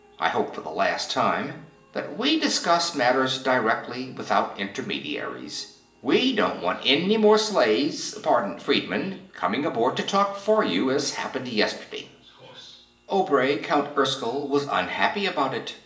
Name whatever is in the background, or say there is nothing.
A television.